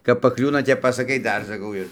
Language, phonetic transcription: Lithuanian, kap paˈkliūna ˈtep pasaˈkai ˈdar saˈkau ir

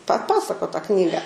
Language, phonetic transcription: Lithuanian, paˈpasako tą ˈknyga

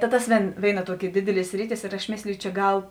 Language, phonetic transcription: Lithuanian, ta ˈtas ˈvėn ˈvėiˌna ˈtuoˌki ˈdidiˌlie ˈsriˌtis ir aš ˈmėsliju čia ˈgal

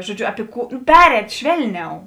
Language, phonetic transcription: Lithuanian, žoˈdžiu api ˈkų ˈperēt' ˈšvelˌniau

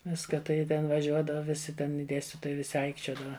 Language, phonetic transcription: Lithuanian, ˈviska tai ˈji ten vaˈžiuodava ˈvisi ten i ˈdėstitojai viˈsi ˈaikčiodava

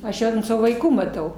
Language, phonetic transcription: Lithuanian, aš ˈjau ant ˈsavo vaiˈkų maˈtau

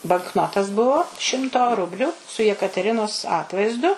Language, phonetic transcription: Lithuanian, bankˈnotas ˈbuvo ˈšimto ˈrubliu su jekateˈrinos ˈatvaizdu

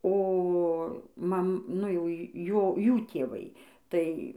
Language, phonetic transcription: Lithuanian, o ˈmam nu jau ˈjo ˈjų tėˈvai ˈtai

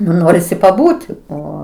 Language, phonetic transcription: Lithuanian, nu ˈnorisi paˈbūt' ˈo

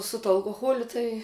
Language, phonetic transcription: Lithuanian, su tuo alkoˈholiu ˈtai

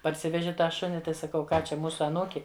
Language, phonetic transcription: Lithuanian, parˈsiveži ˈtą ˈšuni ˈtai saˈkau ˈką ˈčia ˈmūsu aˈnūki

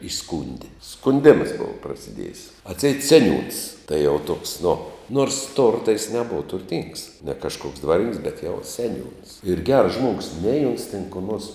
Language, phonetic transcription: Lithuanian, iˈskūndi skunˈdėmas ˈbova prasiˈdiejis atˈseit ˈseˌniūns tai jau toks nu nors ˈtorta jis neˈbova turˈtings ne kažˈkoks ˈdvarininks bet jau seˈniūns ir gers ˈžmuogus nei ons ten ko nors

